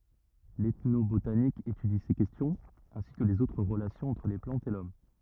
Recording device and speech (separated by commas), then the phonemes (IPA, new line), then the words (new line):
rigid in-ear microphone, read sentence
l ɛtnobotanik etydi se kɛstjɔ̃z ɛ̃si kə lez otʁ ʁəlasjɔ̃z ɑ̃tʁ le plɑ̃tz e lɔm
L'ethnobotanique étudie ces questions, ainsi que les autres relations entre les plantes et l'homme.